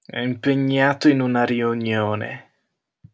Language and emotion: Italian, disgusted